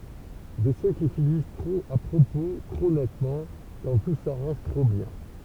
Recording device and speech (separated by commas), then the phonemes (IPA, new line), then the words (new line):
temple vibration pickup, read sentence
də sø ki finis tʁop a pʁopo tʁo nɛtmɑ̃ kɑ̃ tu saʁɑ̃ʒ tʁo bjɛ̃
De ceux qui finissent trop à propos, trop nettement… quand tout s’arrange trop bien.